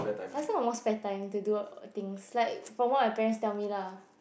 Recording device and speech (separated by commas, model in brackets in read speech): boundary microphone, conversation in the same room